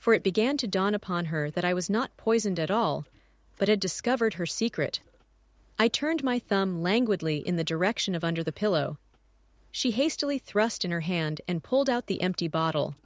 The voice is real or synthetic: synthetic